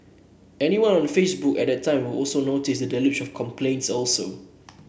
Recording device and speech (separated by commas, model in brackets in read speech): boundary microphone (BM630), read sentence